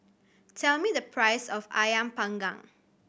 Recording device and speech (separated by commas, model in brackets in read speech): boundary microphone (BM630), read sentence